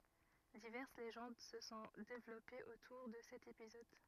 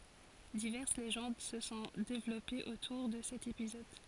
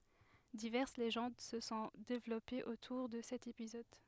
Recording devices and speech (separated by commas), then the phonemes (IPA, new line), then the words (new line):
rigid in-ear microphone, forehead accelerometer, headset microphone, read sentence
divɛʁs leʒɑ̃d sə sɔ̃ devlɔpez otuʁ də sɛt epizɔd
Diverses légendes se sont développées autour de cet épisode.